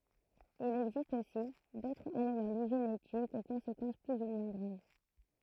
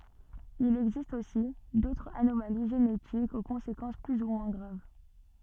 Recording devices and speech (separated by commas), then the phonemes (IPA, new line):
throat microphone, soft in-ear microphone, read sentence
il ɛɡzist osi dotʁz anomali ʒenetikz o kɔ̃sekɑ̃s ply u mwɛ̃ ɡʁav